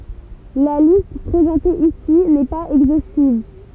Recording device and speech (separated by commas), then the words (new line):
temple vibration pickup, read sentence
La liste présentée ici n'est pas exhaustive.